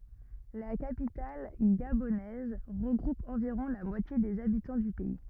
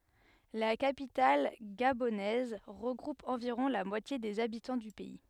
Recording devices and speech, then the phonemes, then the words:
rigid in-ear microphone, headset microphone, read sentence
la kapital ɡabonɛz ʁəɡʁup ɑ̃viʁɔ̃ la mwatje dez abitɑ̃ dy pɛi
La capitale gabonaise regroupe environ la moitié des habitants du pays.

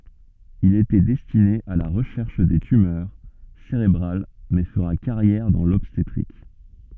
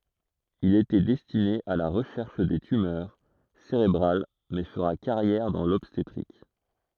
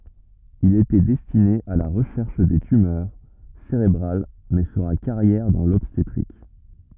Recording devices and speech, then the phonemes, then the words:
soft in-ear microphone, throat microphone, rigid in-ear microphone, read sentence
il etɛ dɛstine a la ʁəʃɛʁʃ de tymœʁ seʁebʁal mɛ fəʁa kaʁjɛʁ dɑ̃ lɔbstetʁik
Il était destiné à la recherche des tumeurs cérébrales mais fera carrière dans l'obstétrique.

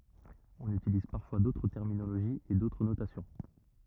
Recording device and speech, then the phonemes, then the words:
rigid in-ear microphone, read sentence
ɔ̃n ytiliz paʁfwa dotʁ tɛʁminoloʒiz e dotʁ notasjɔ̃
On utilise parfois d'autres terminologies et d'autres notations.

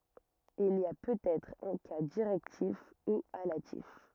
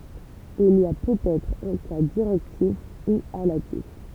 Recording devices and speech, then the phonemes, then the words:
rigid in-ear microphone, temple vibration pickup, read sentence
il i a pøtɛtʁ œ̃ ka diʁɛktif u alatif
Il y a peut-être un cas directif, ou allatif.

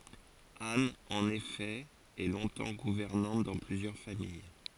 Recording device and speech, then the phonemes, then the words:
forehead accelerometer, read sentence
an ɑ̃n efɛ ɛ lɔ̃tɑ̃ ɡuvɛʁnɑ̃t dɑ̃ plyzjœʁ famij
Anne, en effet, est longtemps gouvernante dans plusieurs familles.

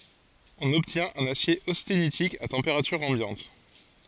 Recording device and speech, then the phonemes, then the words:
forehead accelerometer, read sentence
ɔ̃n ɔbtjɛ̃t œ̃n asje ostenitik a tɑ̃peʁatyʁ ɑ̃bjɑ̃t
On obtient un acier austénitique à température ambiante.

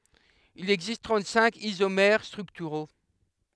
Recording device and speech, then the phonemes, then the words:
headset microphone, read sentence
il ɛɡzist tʁɑ̃t sɛ̃k izomɛʁ stʁyktyʁo
Il existe trente-cinq isomères structuraux.

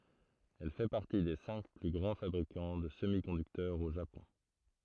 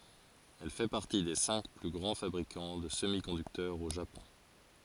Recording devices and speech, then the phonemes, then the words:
throat microphone, forehead accelerometer, read sentence
ɛl fɛ paʁti de sɛ̃k ply ɡʁɑ̃ fabʁikɑ̃ də səmikɔ̃dyktœʁz o ʒapɔ̃
Elle fait partie des cinq plus grands fabricants de semi-conducteurs au Japon.

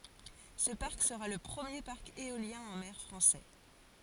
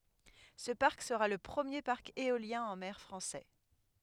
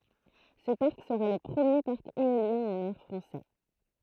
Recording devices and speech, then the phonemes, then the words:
forehead accelerometer, headset microphone, throat microphone, read sentence
sə paʁk səʁa lə pʁəmje paʁk eoljɛ̃ ɑ̃ mɛʁ fʁɑ̃sɛ
Ce parc sera le premier parc éolien en mer français.

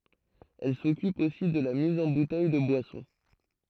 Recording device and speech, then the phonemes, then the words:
throat microphone, read sentence
ɛl sɔkyp osi də la miz ɑ̃ butɛj də bwasɔ̃
Elle s'occupe aussi de la mise en bouteilles de boissons.

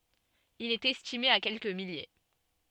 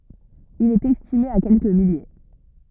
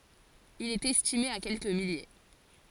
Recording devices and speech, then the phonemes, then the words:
soft in-ear microphone, rigid in-ear microphone, forehead accelerometer, read sentence
il ɛt ɛstime a kɛlkə milje
Il est estimé à quelques milliers.

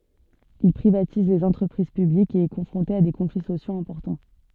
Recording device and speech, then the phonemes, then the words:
soft in-ear microphone, read sentence
il pʁivatiz lez ɑ̃tʁəpʁiz pyblikz e ɛ kɔ̃fʁɔ̃te a de kɔ̃fli sosjoz ɛ̃pɔʁtɑ̃
Il privatise les entreprises publiques et est confronté à des conflits sociaux importants.

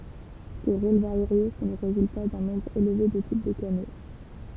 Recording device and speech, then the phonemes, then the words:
temple vibration pickup, read sentence
se ʁol vaʁje sɔ̃ lə ʁezylta dœ̃ nɔ̃bʁ elve də tip də kano
Ces rôles variés sont le résultat d'un nombre élevé de types de canaux.

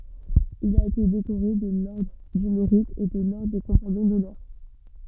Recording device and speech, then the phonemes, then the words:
soft in-ear microphone, read sentence
il a ete dekoʁe də lɔʁdʁ dy meʁit e də lɔʁdʁ de kɔ̃paɲɔ̃ dɔnœʁ
Il a été décoré de l'Ordre du Mérite et de l'Ordre des compagnons d'honneur.

